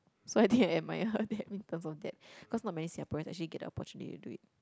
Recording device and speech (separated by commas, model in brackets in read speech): close-talking microphone, conversation in the same room